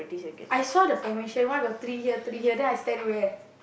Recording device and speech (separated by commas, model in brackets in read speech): boundary microphone, conversation in the same room